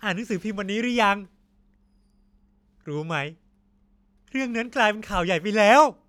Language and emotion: Thai, happy